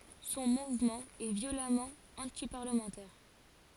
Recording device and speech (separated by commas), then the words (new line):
forehead accelerometer, read sentence
Son mouvement est violemment antiparlementaire.